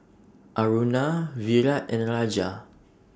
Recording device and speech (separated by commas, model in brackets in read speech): standing microphone (AKG C214), read sentence